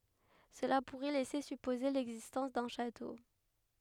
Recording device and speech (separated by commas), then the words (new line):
headset microphone, read sentence
Cela pourrait laisser supposer l'existence d'un château.